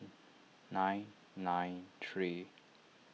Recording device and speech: mobile phone (iPhone 6), read sentence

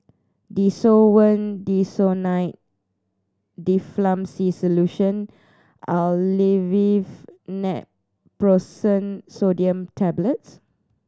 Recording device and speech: standing microphone (AKG C214), read sentence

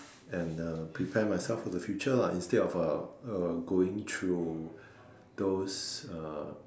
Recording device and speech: standing microphone, conversation in separate rooms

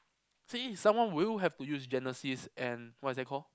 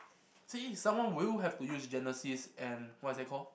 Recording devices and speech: close-talking microphone, boundary microphone, conversation in the same room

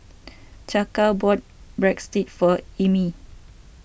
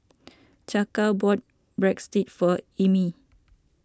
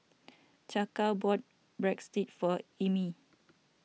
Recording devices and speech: boundary microphone (BM630), standing microphone (AKG C214), mobile phone (iPhone 6), read sentence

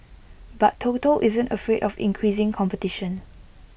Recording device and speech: boundary microphone (BM630), read sentence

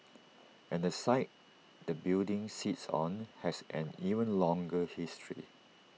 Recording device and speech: mobile phone (iPhone 6), read sentence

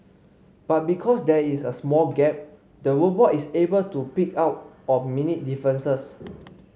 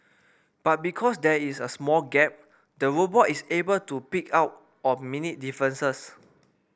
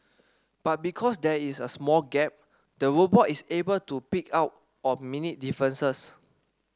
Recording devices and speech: mobile phone (Samsung C5), boundary microphone (BM630), standing microphone (AKG C214), read sentence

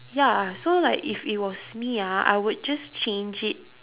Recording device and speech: telephone, conversation in separate rooms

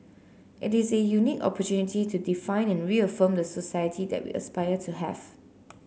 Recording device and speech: mobile phone (Samsung C9), read sentence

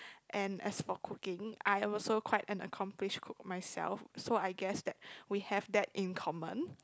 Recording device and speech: close-talking microphone, conversation in the same room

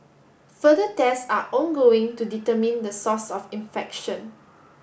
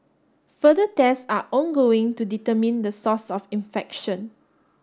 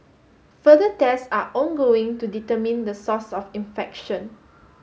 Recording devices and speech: boundary microphone (BM630), standing microphone (AKG C214), mobile phone (Samsung S8), read sentence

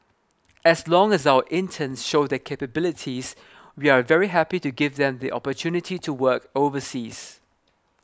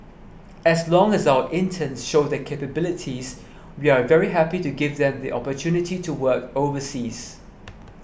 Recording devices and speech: close-talking microphone (WH20), boundary microphone (BM630), read sentence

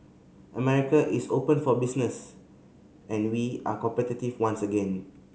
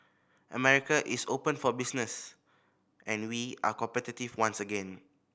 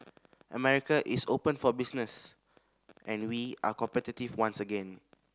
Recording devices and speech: mobile phone (Samsung C5010), boundary microphone (BM630), standing microphone (AKG C214), read sentence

